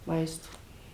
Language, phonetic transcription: Lithuanian, ˈmaisto

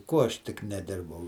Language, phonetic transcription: Lithuanian, ˈkuo ˈaš ˈtik neˈdirbau

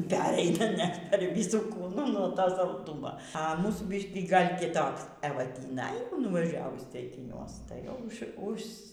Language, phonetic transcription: Lithuanian, ˈpereina net per viˈsų ˈkūnų no ˈto salˈdūmo a ˈmūsų ˈbiškį gal kiˈtoks eˈva tįˈnai nuvaˈžiavus ceikiˈniuos tai jau ˈuž užs

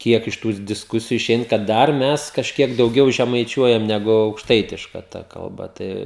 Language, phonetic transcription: Lithuanian, ˈkiek iš ˈtūs disˈkusiju iˈšein kad ˈdar ˈmes kažˈkiek dauˈgiau žemaiˈčiuojam neˈgu aukšˈtaitiška ˈta kalˈba ˈtai

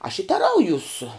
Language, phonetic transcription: Lithuanian, aš i teˈraujūs

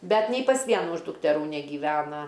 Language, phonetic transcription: Lithuanian, ˈbet nei pas ˈvienu iš dukteˈrų negyˈvena

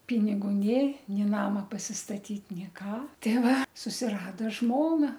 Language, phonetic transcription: Lithuanian, ˈpinigu ˈnė ˈnė ˈnama pasistaˈtyt ˈnė ˈką ˈtei ˈva susiˈrado ˈžmona

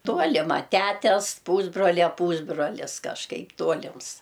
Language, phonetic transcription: Lithuanian, ˈtuolima ˈtætes ˈpūsbrolia ˈpūsbrolis kažˈkaip ˈtuolims

